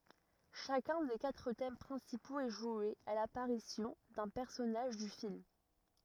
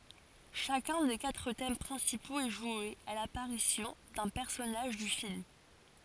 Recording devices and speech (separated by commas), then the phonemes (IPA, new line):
rigid in-ear microphone, forehead accelerometer, read sentence
ʃakœ̃ de katʁ tɛm pʁɛ̃sipoz ɛ ʒwe a lapaʁisjɔ̃ dœ̃ pɛʁsɔnaʒ dy film